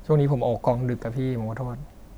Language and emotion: Thai, sad